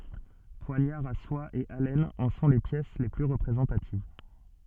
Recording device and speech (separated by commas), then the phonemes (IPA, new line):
soft in-ear microphone, read sentence
pwaɲaʁz a swa e alɛnz ɑ̃ sɔ̃ le pjɛs le ply ʁəpʁezɑ̃tativ